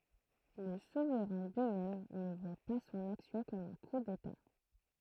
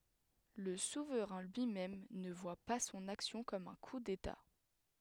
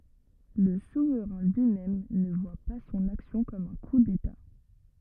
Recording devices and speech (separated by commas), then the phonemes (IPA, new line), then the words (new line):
throat microphone, headset microphone, rigid in-ear microphone, read sentence
lə suvʁɛ̃ lyimɛm nə vwa pa sɔ̃n aksjɔ̃ kɔm œ̃ ku deta
Le souverain lui-même ne voit pas son action comme un coup d'État.